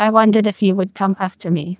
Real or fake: fake